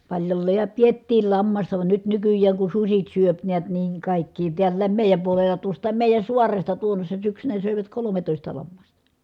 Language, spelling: Finnish, paljolleen ja pidettiin lammasta vaan nyt nykyään kun sudet syö näet niin kaikkia täälläkin meidän puolella tuostakin meidän saaresta tuonnoisena syksynä söivät kolmetoista lammasta
- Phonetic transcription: paĺjolleej ja piettiil lammasta van nyt nykyjjääŋ kun susit syöp neät niiŋ kàikkii tiällääm mèi̮jäm puolella tuost̀aam mèi̮jän̬ suaresta tuonnośsa syksynä sö̀ivät kolometòista lammasta .

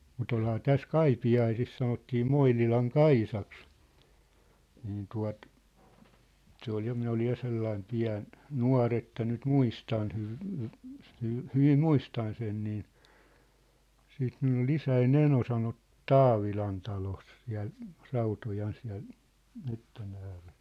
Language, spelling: Finnish, mutta olihan tässä Kaipiaisissa sanottiin Moinilan Kaisaksi niin tuota se oli ja minä olin ja sellainen pieni nuori että nyt muistan - - - hyvin muistan sen niin siitä minulla oli isäni eno - Taavilan talossa siellä Rautojan siellä metsän ääressä
- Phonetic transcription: mu't ‿olhaa "täs "Kaipi₍aisis sanottii "Moinilaŋ "Kaisaks , niin 'tuat , 'se ‿ol ja 'minä olij ja 'sellaim 'piä̭n , "nua̭r ‿että nyt "muistan hyv- , hy- , hyv- , 'hyvim "muistan sen nii , siit 'minull ‿ol "isäi"n ‿eno sanot- , "Taavilan talos siä̭l , 'Rautojan siä̭l , mettän ‿äärᴇ(s) .

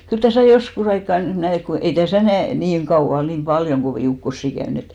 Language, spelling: Finnish, kyllä tässä joskus aikaa näin että kun ei tässä näin niin kauan niin paljon kovia ukkosia käynyt että
- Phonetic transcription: kyl 'täsä̀ "joskus ‿aikka , näi et , ko ei 'täsä̀ näi , niiŋ 'ɢauʷa , niim "ʙaljoŋ 'ɢovì ukkossi 'käyn ‿et .

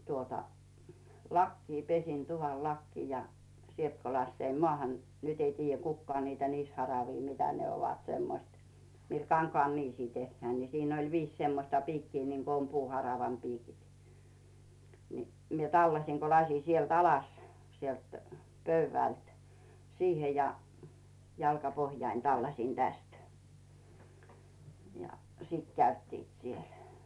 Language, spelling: Finnish, tuota lakea pesin tuvan lakea ja sieltä kun laskeuduin maahan nyt ei tiedä kukaan niitä niisiharavia mitä ne ovat semmoiset millä kankaan niisiä tehdään niin siinä oli viisi semmoista piikkiä niin kuin on puuharavan piikit niin minä tallasin kun laskin sieltä alas sieltä pöydältä siihen ja jalkapohjani tallasin tästä ja siitä käyttivät siellä
- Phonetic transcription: tuota , "lakkii 'pesin 'tuvan "lakkii ja , 'sielt ko 'lasseim "mᵒàhan , 'nyt ‿ei tiijjä 'kukkᵒaa niitä 'niisharavii 'mitä ne ovat 'semmoⁱst , mii 'kaŋkᵒàn 'niisii tehhää ni , 'siin oi "viis semmośta 'piikkii niŋko om 'puuharavam 'piikit , ni , 'mie "tallasiŋ Co 'laśin sielt "alas , 'sielt "pöyvä̀lt , 'siihe ja , 'jalkapohjain 'tallaśin "täst , ja , "sít 'käyttiit 'siel .

